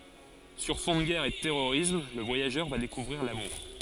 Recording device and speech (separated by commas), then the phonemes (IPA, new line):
forehead accelerometer, read sentence
syʁ fɔ̃ də ɡɛʁ e də tɛʁoʁism lə vwajaʒœʁ va dekuvʁiʁ lamuʁ